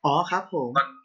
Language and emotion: Thai, neutral